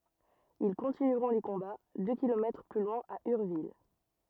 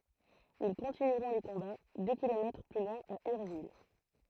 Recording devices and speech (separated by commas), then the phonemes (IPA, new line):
rigid in-ear microphone, throat microphone, read sentence
il kɔ̃tinyʁɔ̃ le kɔ̃ba dø kilomɛtʁ ply lwɛ̃ a yʁvil